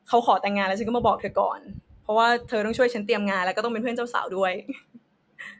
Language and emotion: Thai, happy